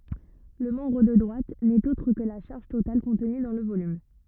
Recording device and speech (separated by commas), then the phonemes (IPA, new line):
rigid in-ear microphone, read sentence
lə mɑ̃bʁ də dʁwat nɛt otʁ kə la ʃaʁʒ total kɔ̃tny dɑ̃ lə volym